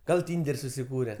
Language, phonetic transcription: Lithuanian, ˈgal ˈtynder' susiˈkūre

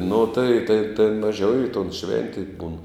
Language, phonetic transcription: Lithuanian, nu tai tai tėn maˈžiau i ton ˈšventėj būn

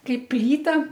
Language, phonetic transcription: Lithuanian, ˈkaip ˈplyta

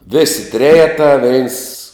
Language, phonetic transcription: Lithuanian, vėsi ˈtrejetā veins

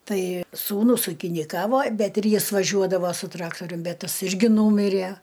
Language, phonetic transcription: Lithuanian, ˈtai sūˈnus ūkiniˈkavo ˈbet ir ˈjis vaˈžiuodava su ˈtraktorium ˈbet ˈtas ˈirgi ˈnūmirė

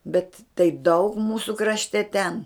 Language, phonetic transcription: Lithuanian, bet tai daug ˈmūsų krašˈte ten

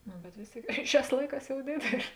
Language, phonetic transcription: Lithuanian, nu bet ˈvės ˌtėik ˈšiās ˈlaiˌkās jau ˈdėdėlė

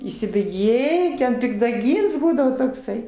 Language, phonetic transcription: Lithuanian, įsibėˈgėji ten pikdaˈgyns ˈbūdavo tokˈsai

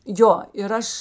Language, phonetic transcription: Lithuanian, ˈjo ir ˈaš

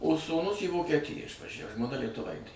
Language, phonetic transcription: Lithuanian, o sūˈnus į vokieˈtiją išvaˈžæv žmoˈna lietuˈvaitė

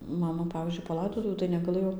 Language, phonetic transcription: Lithuanian, ˈmama ˈpavyzdžiui paˈlaidotuvių tai negaˈlɘjo

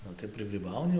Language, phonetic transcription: Lithuanian, ˈnu tai prɨgryˈbauni

